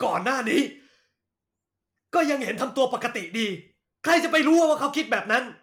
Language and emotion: Thai, angry